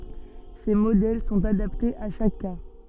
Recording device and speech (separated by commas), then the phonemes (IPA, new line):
soft in-ear microphone, read sentence
se modɛl sɔ̃t adaptez a ʃak ka